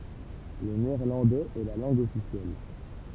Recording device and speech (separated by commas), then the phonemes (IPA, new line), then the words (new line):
temple vibration pickup, read sentence
lə neɛʁlɑ̃dɛz ɛ la lɑ̃ɡ ɔfisjɛl
Le néerlandais est la langue officielle.